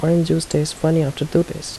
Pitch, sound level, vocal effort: 160 Hz, 75 dB SPL, soft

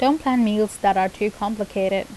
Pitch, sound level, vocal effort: 210 Hz, 82 dB SPL, normal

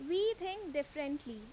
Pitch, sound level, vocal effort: 295 Hz, 88 dB SPL, very loud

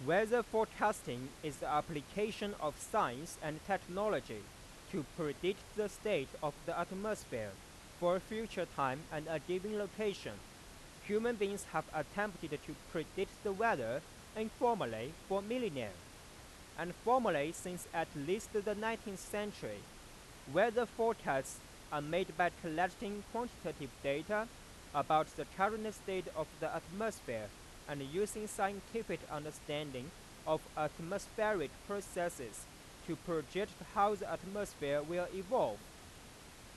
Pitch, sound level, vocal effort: 180 Hz, 95 dB SPL, very loud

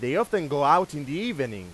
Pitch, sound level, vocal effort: 145 Hz, 99 dB SPL, very loud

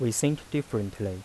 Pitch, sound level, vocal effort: 115 Hz, 83 dB SPL, soft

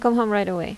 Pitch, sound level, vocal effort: 210 Hz, 81 dB SPL, normal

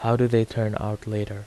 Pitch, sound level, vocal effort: 110 Hz, 81 dB SPL, soft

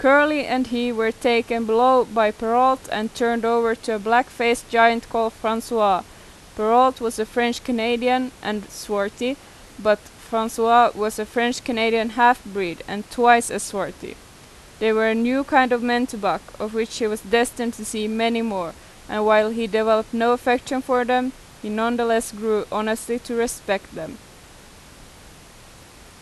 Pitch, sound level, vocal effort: 230 Hz, 89 dB SPL, loud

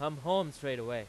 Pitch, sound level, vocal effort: 145 Hz, 98 dB SPL, very loud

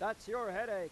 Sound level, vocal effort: 102 dB SPL, loud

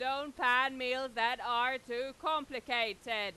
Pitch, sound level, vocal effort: 250 Hz, 104 dB SPL, very loud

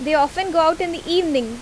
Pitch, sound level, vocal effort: 325 Hz, 89 dB SPL, loud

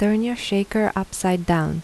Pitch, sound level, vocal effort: 200 Hz, 79 dB SPL, soft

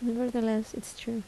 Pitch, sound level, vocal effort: 230 Hz, 75 dB SPL, soft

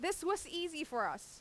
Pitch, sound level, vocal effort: 350 Hz, 93 dB SPL, very loud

